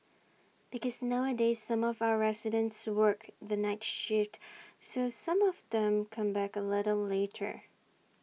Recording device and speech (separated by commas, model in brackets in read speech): mobile phone (iPhone 6), read sentence